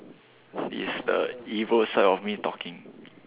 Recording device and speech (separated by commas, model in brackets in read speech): telephone, conversation in separate rooms